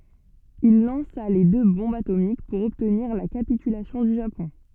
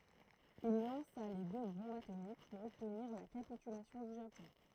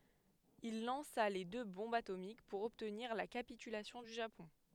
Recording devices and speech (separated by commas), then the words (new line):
soft in-ear microphone, throat microphone, headset microphone, read sentence
Il lança les deux bombes atomiques pour obtenir la capitulation du Japon.